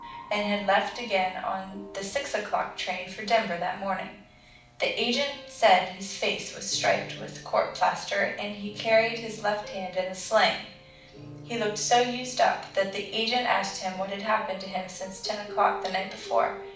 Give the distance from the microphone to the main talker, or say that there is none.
5.8 m.